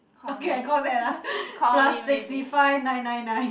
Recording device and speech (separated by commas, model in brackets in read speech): boundary microphone, conversation in the same room